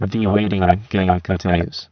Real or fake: fake